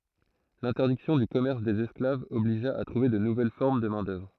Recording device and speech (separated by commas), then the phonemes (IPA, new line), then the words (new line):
throat microphone, read sentence
lɛ̃tɛʁdiksjɔ̃ dy kɔmɛʁs dez ɛsklavz ɔbliʒa a tʁuve də nuvɛl fɔʁm də mɛ̃dœvʁ
L'interdiction du commerce des esclaves obligea à trouver de nouvelles formes de main-d'œuvre.